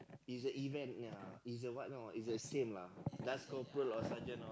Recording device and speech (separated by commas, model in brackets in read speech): close-talking microphone, conversation in the same room